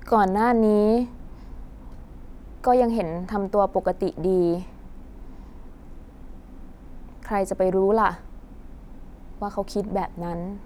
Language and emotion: Thai, frustrated